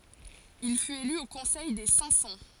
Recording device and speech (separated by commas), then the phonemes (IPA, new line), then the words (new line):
forehead accelerometer, read sentence
il fyt ely o kɔ̃sɛj de sɛ̃k sɑ̃
Il fut élu au Conseil des Cinq-Cents.